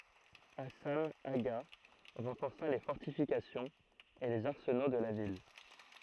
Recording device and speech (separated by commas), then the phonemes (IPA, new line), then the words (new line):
throat microphone, read sentence
asɑ̃ aɡa ʁɑ̃fɔʁsa le fɔʁtifikasjɔ̃z e lez aʁsəno də la vil
Hassan Agha renforça les fortifications et les arsenaux de la ville.